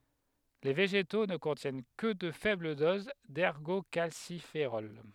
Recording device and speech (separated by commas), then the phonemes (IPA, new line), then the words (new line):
headset microphone, read sentence
le veʒeto nə kɔ̃tjɛn kə də fɛbl doz dɛʁɡokalsifeʁɔl
Les végétaux ne contiennent que de faibles doses d'ergocalciférol.